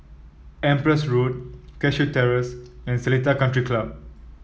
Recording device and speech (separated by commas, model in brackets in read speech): mobile phone (iPhone 7), read sentence